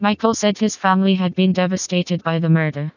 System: TTS, vocoder